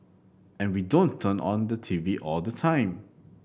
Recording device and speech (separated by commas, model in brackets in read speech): boundary microphone (BM630), read sentence